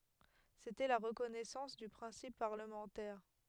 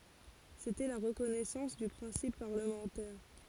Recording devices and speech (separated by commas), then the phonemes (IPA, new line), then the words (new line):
headset microphone, forehead accelerometer, read sentence
setɛ la ʁəkɔnɛsɑ̃s dy pʁɛ̃sip paʁləmɑ̃tɛʁ
C'était la reconnaissance du principe parlementaire.